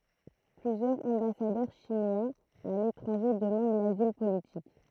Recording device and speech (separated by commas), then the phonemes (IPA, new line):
throat microphone, read sentence
plyzjœʁz ɑ̃basadœʁ ʃinwaz a letʁɑ̃ʒe dəmɑ̃d lazil politik